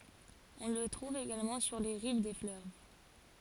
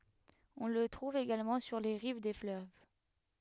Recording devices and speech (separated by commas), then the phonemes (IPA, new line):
forehead accelerometer, headset microphone, read sentence
ɔ̃ lə tʁuv eɡalmɑ̃ syʁ le ʁiv de fløv